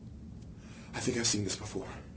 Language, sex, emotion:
English, male, fearful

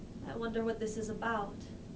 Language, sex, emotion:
English, female, fearful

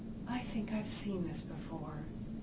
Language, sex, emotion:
English, female, neutral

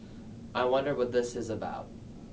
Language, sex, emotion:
English, male, neutral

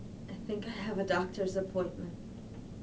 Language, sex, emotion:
English, female, sad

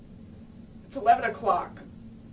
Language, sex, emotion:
English, female, sad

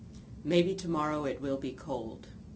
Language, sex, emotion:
English, female, neutral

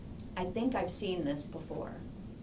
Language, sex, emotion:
English, female, neutral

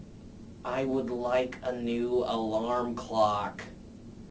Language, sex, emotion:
English, male, disgusted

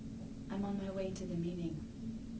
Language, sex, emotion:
English, female, neutral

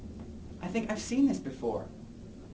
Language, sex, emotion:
English, male, neutral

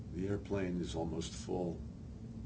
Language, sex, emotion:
English, male, neutral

